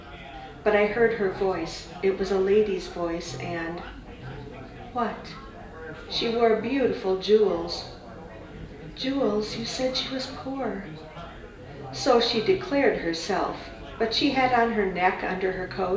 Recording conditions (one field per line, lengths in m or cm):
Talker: one person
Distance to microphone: 1.8 m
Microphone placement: close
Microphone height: 1.0 m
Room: large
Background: babble